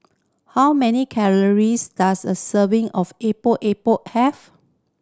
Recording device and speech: standing microphone (AKG C214), read sentence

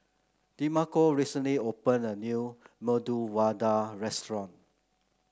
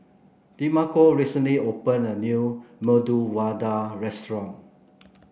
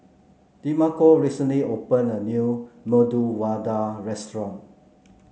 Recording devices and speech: close-talking microphone (WH30), boundary microphone (BM630), mobile phone (Samsung C9), read sentence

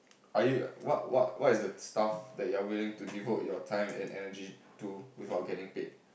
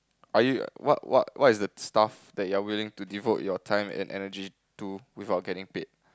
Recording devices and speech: boundary microphone, close-talking microphone, conversation in the same room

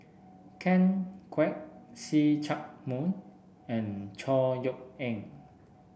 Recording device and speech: boundary microphone (BM630), read sentence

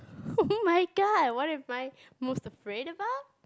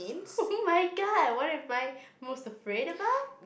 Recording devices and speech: close-talking microphone, boundary microphone, conversation in the same room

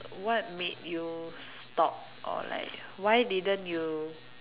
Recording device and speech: telephone, conversation in separate rooms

